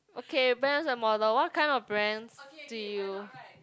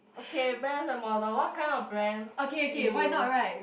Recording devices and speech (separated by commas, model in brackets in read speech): close-talking microphone, boundary microphone, conversation in the same room